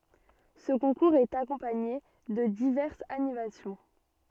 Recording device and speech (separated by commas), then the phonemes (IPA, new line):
soft in-ear microphone, read sentence
sə kɔ̃kuʁz ɛt akɔ̃paɲe də divɛʁsz animasjɔ̃